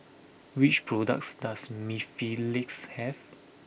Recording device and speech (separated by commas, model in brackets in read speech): boundary microphone (BM630), read sentence